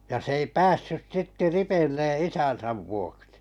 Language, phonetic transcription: Finnish, ja 's ‿ei "päässys 'sitte "ripeⁱlle 'isän̬säv vuoksi .
- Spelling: ja se ei päässyt sitten ripille isänsä vuoksi

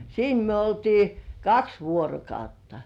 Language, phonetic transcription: Finnish, 'siin myö oltii , "kaks vuorokautta .
- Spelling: siinä me oltiin kaksi vuorokautta

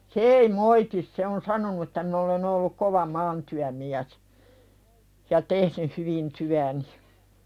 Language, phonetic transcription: Finnish, se ei 'moitis se on "sanonu että min ‿olen ‿olluk "kova 'maantyämiäs , ja "tehnyh hyvin 'tyäni .
- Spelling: se ei moiti se on sanonut että minä olen ollut kova maatyömies ja tehnyt hyvin työni

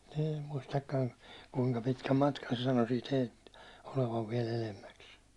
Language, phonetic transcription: Finnish, eem muistakkan , kuiŋka pitkäm 'matkan se sano siit heilt , olevav viɛ'l ‿elemmäks .
- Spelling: en muistakaan kuinka pitkän matkan se sanoi siitä heiltä olevan vielä edemmäksi

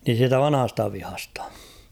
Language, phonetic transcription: Finnish, niin̬ 'siitä "vanᵃ hasta 'vihastᴀ ?
- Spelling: niin siitä - vanhasta vihasta

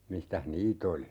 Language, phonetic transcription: Finnish, 'mistäh "niit ‿oli .
- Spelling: mistäs niitä oli

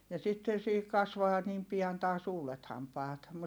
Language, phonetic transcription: Finnish, ja sitten̬ siihik kasvaa niim pian taas uulet hampaat .
- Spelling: ja sitten siihen kasvaa niin pian taas uudet hampaat

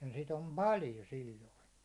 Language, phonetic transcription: Finnish, ja sit ‿om "paljo 'sil̜loi .
- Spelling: ja sitä on paljon silloin

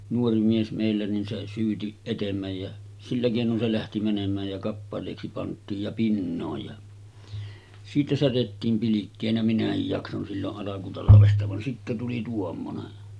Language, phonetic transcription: Finnish, 'nuori 'mies mèillä nin se syyti , 'etemmäj jä , 'sillä kèinon se lähti mänem̆määj ja 'kappalèiksi pant̆tiij ja 'pinnooj ja , siitä 'särettiim pilikkeenä minähij jakson sillo’ '’alakutalavesta van sittä tuli 'tuommonen .
- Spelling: nuori mies meillä niin se syyti etemmä ja sillä keinoin se lähti menemään ja kappaleiksi pantiin ja pinoon ja siitä särjettiin pilkkeenä minäkin jaksoin silloin alkutalvesta vaan sitten tuli tuommoinen

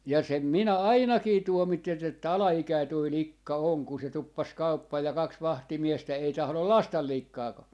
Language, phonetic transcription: Finnish, ja 'sem 'minä "ainakii 'tuomittet ‿että 'ala₍ikäi toi "likka 'oŋ ku se 'tuppas "kauppaa ja 'kaks "vahtimiestä 'ei 'tahlol "lastal "likkaa ka - .
- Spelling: ja sen minä ainakin tuomitsen että alaikäinen tuo likka on kun se tuppasi kauppaan ja kaksi vahtimiestä ei tahdo laskea likkaa -

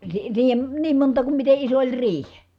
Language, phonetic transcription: Finnish, (sii- siihem) , niim monta kum mite iso oĺ riih .
- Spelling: - siihen niin monta kuin miten iso oli riihi

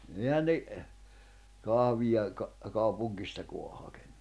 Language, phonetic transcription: Finnish, 'ehän ne , 'kahvija , ka- , 'kaupuŋɢistako̭a hakᴇɴɴᴜ .
- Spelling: eihän ne kahvia - kaupungistakaan hakenut

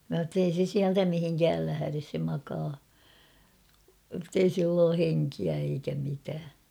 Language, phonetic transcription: Finnish, mä s̬a ‿ttei se 'siältä "mihiŋkääl lähäres se 'makaa ; ᵊttei 'sill ‿oo "heŋkiä eikä 'mitää .
- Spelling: minä sanoin että ei se sieltä mihinkään lähde se makaa että ei sillä ole henkeä eikä mitään

